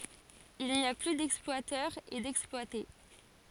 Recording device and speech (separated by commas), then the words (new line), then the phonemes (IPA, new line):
forehead accelerometer, read sentence
Il n'y a plus d'exploiteurs et d'exploités.
il ni a ply dɛksplwatœʁz e dɛksplwate